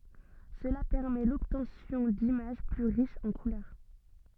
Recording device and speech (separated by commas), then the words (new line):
soft in-ear microphone, read sentence
Cela permet l'obtention d'images plus riches en couleurs.